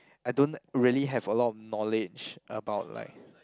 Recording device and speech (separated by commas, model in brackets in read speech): close-talking microphone, conversation in the same room